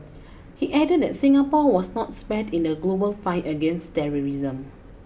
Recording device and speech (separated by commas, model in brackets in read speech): boundary microphone (BM630), read sentence